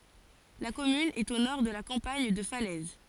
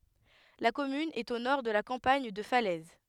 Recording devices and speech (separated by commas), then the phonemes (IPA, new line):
forehead accelerometer, headset microphone, read sentence
la kɔmyn ɛt o nɔʁ də la kɑ̃paɲ də falɛz